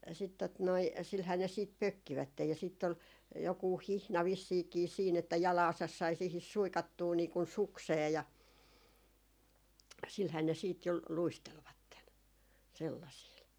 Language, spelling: Finnish, sitten tuota noin sillähän ne sitten pökkivät ja sitten oli joku hihna vissiinkin siinä että jalkansa sai siihen suikattua niin kuin sukseen ja sillähän ne sitten jo luistelivat sellaisilla
- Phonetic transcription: sit tot noi , silhää ne siit 'pökkivättej ja sitt ‿ol , 'jokuuh "hihna 'vissiikii siin että "jalaasas sai siihis "suikattuu nii kun "suksee , ja , silhää ne siit jo , 'luistelvatten , 'sellasiil .

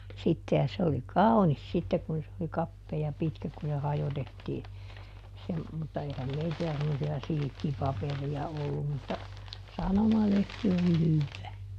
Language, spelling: Finnish, sitten ja se oli kaunis sitten kun se oli kapea ja pitkä kun se hajotettiin se mutta eihän meillä semmoisia silkkipaperia ollut mutta sanomalehti oli hyvää
- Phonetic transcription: ˈsitte ja se oli "kaunis sitte kun se oli ˈkappee ja ˈpitkä kun se ˈhajotettii , se , mutta ˈeihäm "meitillä semmosi₍a "silⁱkkiˈpaperi₍a ˈollum mutta , ˈsanomalehti oli ˈhyvvää .

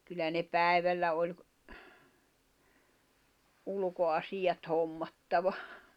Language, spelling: Finnish, kyllä ne päivällä oli - ulkoasiat hommattava
- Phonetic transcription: kyllä ne 'pä̀i̬vällä oĺ ‿k- , 'ulᵘko₍asiʲat 'hommattava .

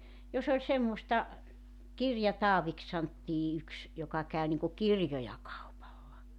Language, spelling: Finnish, jos oli semmoista Kirja-Taaviksi sanottiin yksi joka kävi niin kuin kirjoja kaupalla
- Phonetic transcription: 'jos ‿oĺ 'semmosta , "Kirjataaviks 'santtii yks , joka 'kä̀y niŋku "kirjoja 'kaupalla .

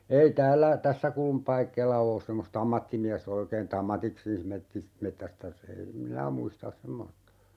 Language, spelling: Finnish, ei täällä tässä - semmoista ammattimiestä oikein että ammatikseen - metsästäisi ei en minä muista semmoista
- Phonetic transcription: 'ei "täällä , "tässä kulm- , semmosta "ammattimiäs't ‿oikeen ‿ttä "ammatiksiis 'mettis- , 'mettästäs ei , (em) "minä 'muistas 'semmosta .

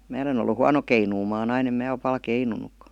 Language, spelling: Finnish, minä olen ollut huono keinumaan aina en minä ole paljon keinunutkaan
- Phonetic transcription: 'mää °len ‿ollu "huano 'keinuumaan 'ain ‿em 'mää ol pal "keinunuk(ka) .

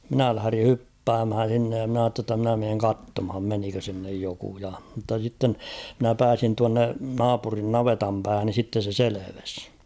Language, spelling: Finnish, minä lähdin hyppäämään sinne ja minä ajattelin jotta minä menen katsomaan menikö sinne joku ja mutta sitten minä pääsin tuonne naapurin navetan päähän niin sitten se selvisi
- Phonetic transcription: 'minä lähᵃ̈ri "hyppäämhän̬ s̬innej ja mn ‿aatte ‿tta mnä meeŋ "kattomham 'menikö sinnej 'jokuja , mutta sitten , mᵎnä 'pääsin 'tuanne , "naapurin "navetam päähän ni sitte se 'seleves .

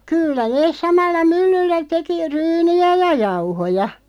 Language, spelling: Finnish, kyllä ne samalla myllyllä teki ryynejä ja jauhoja
- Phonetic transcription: 'kyllä neeˢ 'samalla "myllyllä 'teki "ryyni₍ä ja 'jauhoja .

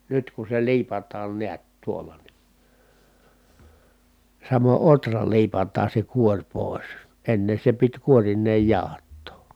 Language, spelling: Finnish, nyt kun se liipataan näet tuolla niin samoin ohra liipataan se kuori pois ennen se piti kuorineen jauhattaa
- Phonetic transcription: nyt ku se liipat̆taan niät tuolla ni ,. samo ʼotra liipat̀aan̬ se kuoŕ pòis , enne se pit kuorin̆neej jàohattoo .

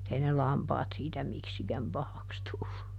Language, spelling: Finnish, mutta ei ne lampaat siitä miksikään pahaksi tullut
- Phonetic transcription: [mut]ˈt ‿ei ne "lampaat siitä "miksikäm ˈpahaks tullu .

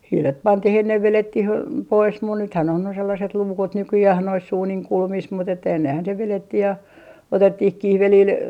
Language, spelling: Finnish, hiilet pantiin ennen vedettiin pois mutta nythän on ne sellaiset luukut nykyään noissa uunin kulmissa mutta että ennenhän se vedettiin ja otettiin kihvelillä
- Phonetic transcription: 'hiilet "pantih ‿ennev 'velettih pois mun nythän ‿on ne sellaset 'luukut "nykyjäh nois 'uuniŋ 'kulmis mut ‿että ennehän se 'velettih ja , "otettih 'kihvelil ,.

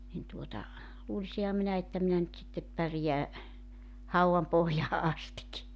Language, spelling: Finnish, niin tuota luulisinhan minä että minä nyt sitten pärjään haudan pohjaan asti
- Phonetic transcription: nin tuota , 'luulisiha 'minä että minä nyt sittep 'pärje̬ä , 'hau₍am pohjaa 'astik .

